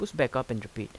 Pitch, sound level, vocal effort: 115 Hz, 83 dB SPL, normal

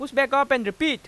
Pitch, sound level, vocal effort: 275 Hz, 99 dB SPL, very loud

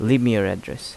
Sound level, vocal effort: 84 dB SPL, normal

